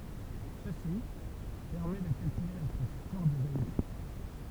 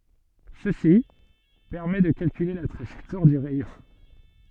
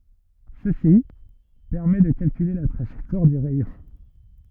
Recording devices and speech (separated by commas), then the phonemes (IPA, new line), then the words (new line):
temple vibration pickup, soft in-ear microphone, rigid in-ear microphone, read sentence
səsi pɛʁmɛ də kalkyle la tʁaʒɛktwaʁ dy ʁɛjɔ̃
Ceci permet de calculer la trajectoire du rayon.